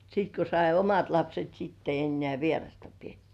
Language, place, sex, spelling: Finnish, Kurkijoki, female, sitten kun sai omat lapset sitten ei enää vierasta pidetty
- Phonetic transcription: sit ko sai "omat 'lapset sitt ‿ei 'ennĕ§ä̀ "vierasta pietty .

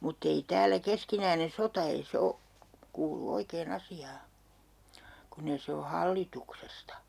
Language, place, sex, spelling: Finnish, Urjala, female, mutta ei täällä keskinäinen sota ei se ole kuulu oikein asiaan kun ei se ole hallituksesta
- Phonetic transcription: 'mutt ‿ei "täälä 'keskinäine 'sota ei 'se o , 'kuulu 'oikee'n ‿asi₍aa , 'kunn ‿eⁱ 'se o 'hallituksesta .

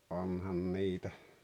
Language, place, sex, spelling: Finnish, Rautalampi, male, onhan niitä
- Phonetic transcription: '’onhan 'niitä .

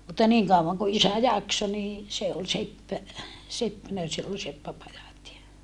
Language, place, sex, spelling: Finnish, Saarijärvi, female, mutta niin kauan kuin isä jaksoi niin se oli seppä seppänä sillä oli seppäpajat ja
- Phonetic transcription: mutta niiŋ kauvaŋ ko isä jakso nii , se ol sepppä , seppänä sill ‿ol seppäpajat ja , .

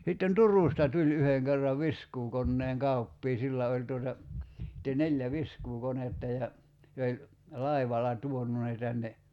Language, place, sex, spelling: Finnish, Kerimäki, male, sitten Turusta tuli yhden kerran viskuukoneen kauppias sillä oli tuota sitten neljä viskuukonetta ja se oli laivalla tuonut ne tänne
- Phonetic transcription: sitten "Tur̀ùsta tuĺ 'yheŋ kerrav "viskuukonneeŋ "kauppii 'sillä oĺ tuota , (sit)te 'neĺjä "viskuukonetta ja , se oĺ , 'laivala "tuonu ne tänne ,.

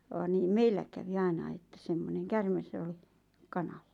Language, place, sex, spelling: Finnish, Lappajärvi, female, vaan niin meillä kävi ainakin että semmoinen käärme oli kanalla
- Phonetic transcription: vaan 'niim "meillä kävi "ainai että 'semmoneŋ "kärmes ‿ol(ɪ) , "kanallᴀ .

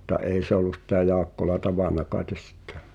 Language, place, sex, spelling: Finnish, Pihtipudas, male, mutta ei se ollut sitä Jaakkola tavannut kai sitten
- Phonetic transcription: mutta 'èi se ‿ol̆lu sⁱtä 'Jaakkola "tavàna kaetes sittᴇ .

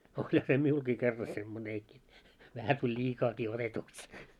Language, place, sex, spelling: Finnish, Moloskovitsa, male, olihan se minullakin kerran semmoinenkin vähän tuli liikaakin otetuksi
- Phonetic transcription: oĺha se 'miulkii kerra 'semmoneeki , vähä tuĺ "ĺiikaakii 'otetuks .

